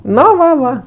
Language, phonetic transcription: Lithuanian, ˈno ˈva ˈva

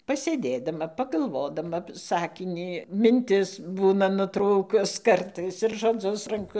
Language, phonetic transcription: Lithuanian, pasėˈdėdama pagalˈvodama ˈsakinį minˈtis ˈbūna nuˈtrūkus ˈkartais ir žoˈdzus ranˈku

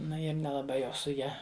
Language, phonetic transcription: Lithuanian, ˈnu ir nelaˈbai jau su ˈja

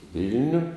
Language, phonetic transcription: Lithuanian, ˈvil'niu

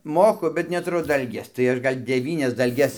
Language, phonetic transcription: Lithuanian, ˈmoku bet netuˈru ˈdalgės tai ˈaš ˈgal' deˈvynias dalˈges

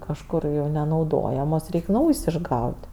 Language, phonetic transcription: Lithuanian, kažˈkur jau nenauˈdojamos ˈreik' ˈnaujs' išˈgaut'

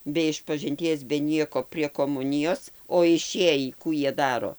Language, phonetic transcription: Lithuanian, be išpažinˈties be ˈnieko prie koˈmunijos o iˈšėjį ˈkų ˈjie ˈdaro

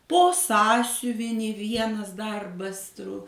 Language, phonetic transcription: Lithuanian, ˈpo ˈsąsiuvinį ˈvienas ˈdarbas tru

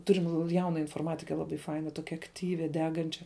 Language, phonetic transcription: Lithuanian, ˈturim ˈjauna inforˈmatike ˈlaˌbai ˈfaina ˈtokia akˈtyvi ˈdegančia

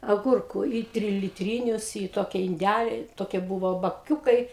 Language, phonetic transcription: Lithuanian, aˈgurkų į trilitˈrynius į ˈtoki inˈdæli ˈtokie ˈbuvo baˈkiūkai

